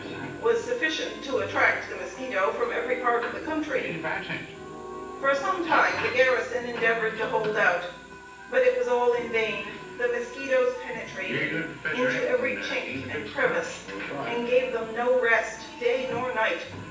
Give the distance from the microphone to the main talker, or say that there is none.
9.8 m.